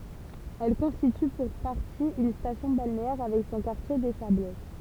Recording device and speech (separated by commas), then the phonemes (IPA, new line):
temple vibration pickup, read sentence
ɛl kɔ̃stity puʁ paʁti yn stasjɔ̃ balneɛʁ avɛk sɔ̃ kaʁtje de sablɛt